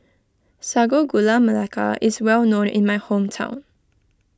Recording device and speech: close-talking microphone (WH20), read sentence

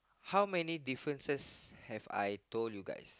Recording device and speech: close-talking microphone, conversation in the same room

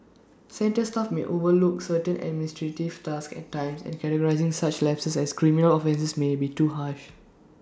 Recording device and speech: standing microphone (AKG C214), read sentence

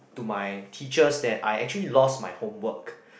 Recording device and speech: boundary microphone, conversation in the same room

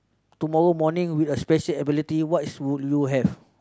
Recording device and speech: close-talking microphone, conversation in the same room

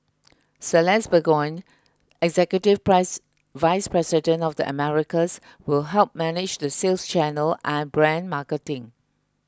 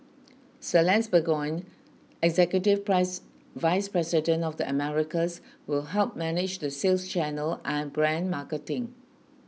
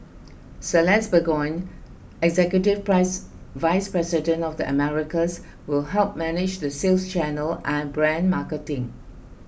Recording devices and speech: close-talking microphone (WH20), mobile phone (iPhone 6), boundary microphone (BM630), read sentence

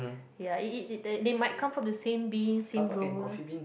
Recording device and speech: boundary microphone, conversation in the same room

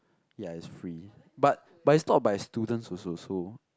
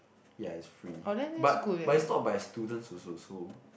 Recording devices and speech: close-talking microphone, boundary microphone, conversation in the same room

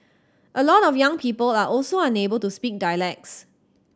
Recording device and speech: standing microphone (AKG C214), read sentence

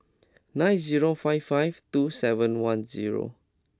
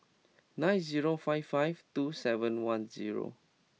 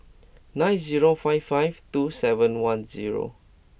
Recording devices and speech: close-talking microphone (WH20), mobile phone (iPhone 6), boundary microphone (BM630), read sentence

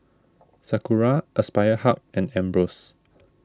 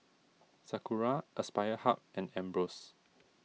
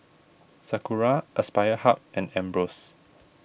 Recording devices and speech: standing microphone (AKG C214), mobile phone (iPhone 6), boundary microphone (BM630), read sentence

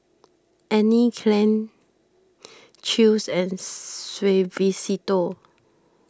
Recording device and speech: standing microphone (AKG C214), read sentence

